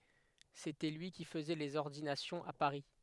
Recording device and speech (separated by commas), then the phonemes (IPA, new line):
headset microphone, read sentence
setɛ lyi ki fəzɛ lez ɔʁdinasjɔ̃z a paʁi